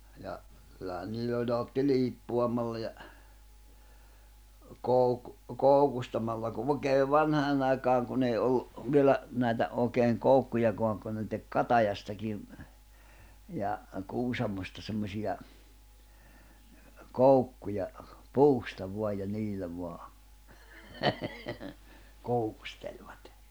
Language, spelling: Finnish, ja kyllähän niillä oli ne otti liippuamalla ja - koukustamalla kun oikein vanhaan aikaan kun ei ollut vielä näitä oikein koukkujakaan kun ne teki katajastakin ja kuusamosta semmoisia koukkuja puusta vain ja niillä vain koukustelivat
- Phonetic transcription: ja , kyl̆lähän 'niill ‿oĺ ne otti 'liippu₍amalla ja , 'kòuk- , 'kòukustamalla ku òi̬keev̆ "vanhaanⁿ ‿aikaaŋ kun ‿ei ollu , 'vielä , 'nä̀itä òekeeŋ 'koukkujakoaŋ kun ne tek "katajastakiv , ja , 'kuusamosta semmosiʲa , "koukkuja , "puusta vo̭aj ja 'niillä vo̭a , 'koukusteĺvat .

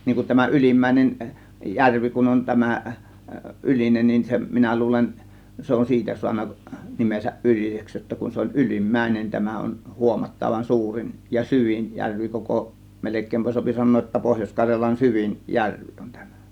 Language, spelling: Finnish, niin kun tämä Ylimmäinen järvi kun on tämä Ylinen niin se minä luulen se on siitä saanut nimensä Yliseksi jotta kun se oli Ylimmäinen tämä on huomattavan suurin ja syvin järvi koko melkein saa sanoa jotta Pohjois-Karjalan syvin järvi on tämä
- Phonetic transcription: 'niiŋ kun tämä 'ˀYlimmä̀ėnen , "järvi kun on "tämä , 'ˀYlinen nin se , 'minä 'luulen , 'se on "siitä suanna , 'nimesäˀ "ˀYliseks jotta kun se oĺ "Ylim'mäinen , tämä on 'huomatta(van) 'suurin , ja "syvin 'järvi koko , 'melek̆kèimpä s(ŏă)pi 'san̆noo ‿tta 'Pohjośkaŕjalan "syvin , "järvi on 'tÄMÄ .

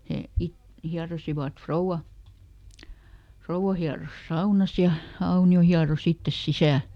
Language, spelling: Finnish, he - hieroivat rouva rouva hieroi saunassa ja Aunio hieroi itse sisällä
- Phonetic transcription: hè ˈit- , ˈhiarosivat , "frouʷa , ˈfrou₍a hiaros "saunas ja , ˈAuni₍o ˈhiaroˈs ‿ittes "sisä̀l .

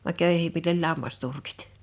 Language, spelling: Finnish, vaan köyhemmillä oli lammasturkit
- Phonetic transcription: vaŋ 'kö̀yhem(mill) ‿oĺ 'lammasturkɪt .

